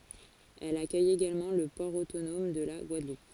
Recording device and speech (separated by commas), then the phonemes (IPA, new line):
forehead accelerometer, read sentence
ɛl akœj eɡalmɑ̃ lə pɔʁ otonɔm də la ɡwadlup